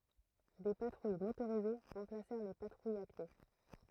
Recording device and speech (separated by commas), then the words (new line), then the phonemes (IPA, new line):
throat microphone, read sentence
Des patrouilles motorisées remplacèrent les patrouilles à pied.
de patʁuj motoʁize ʁɑ̃plasɛʁ le patʁujz a pje